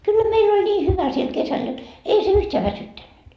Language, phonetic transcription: Finnish, kyllä 'meill ‿oĺ ńii "hyvä siel 'kesäl jot , ei se 'yhteä 'väsyttännyt .
- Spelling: kyllä meillä oli niin hyvä siellä kesällä jotta ei se yhtään väsyttänyt

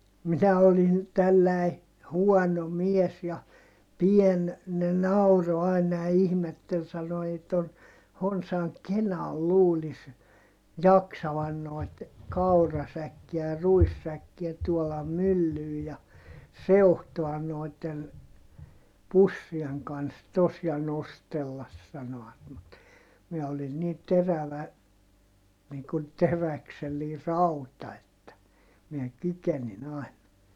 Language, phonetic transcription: Finnish, minä olin , tälläi , huɔno mies ja , pien , ne nauro àina ja ihmettel sano » ei ton , honsaŋ kenal luulis , jaksavan noi̮t , kaurasäkkiä ja ruissäkkiä tuolam myllyy ja , seuhtoan nòi̮tten , pussieŋ kans tos ja nostellas » sano₍at mut , miɛ olin nii terävä , nii kun teräksellii rauta että , miɛ kykenin ‿àin .
- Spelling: minä olin tällainen huono mies ja pieni ne nauroi aina ja ihmetteli sanoi ei tuon honsan kenalla luulisi jaksavan noita kaurasäkkejä ja ruissäkkejä tuolla myllyyn ja seuhtoa noiden pussien kanssa tuossa ja nostella sanoivat mutta minä olin niin terävä niin kuin teräksellinen rauta että minä kykenin aina

